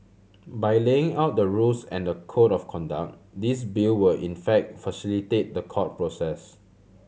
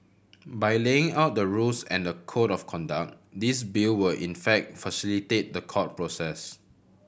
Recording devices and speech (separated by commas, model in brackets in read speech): mobile phone (Samsung C7100), boundary microphone (BM630), read sentence